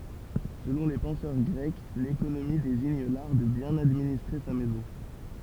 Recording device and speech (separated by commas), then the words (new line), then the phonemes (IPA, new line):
temple vibration pickup, read sentence
Selon les penseurs grecs, l'économie désigne l'art de bien administrer sa maison.
səlɔ̃ le pɑ̃sœʁ ɡʁɛk lekonomi deziɲ laʁ də bjɛ̃n administʁe sa mɛzɔ̃